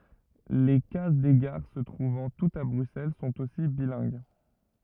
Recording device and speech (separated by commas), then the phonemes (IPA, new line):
rigid in-ear microphone, read sentence
le kaz de ɡaʁ sə tʁuvɑ̃ tutz a bʁyksɛl sɔ̃t osi bilɛ̃ɡ